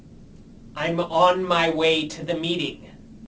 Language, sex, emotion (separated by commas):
English, male, angry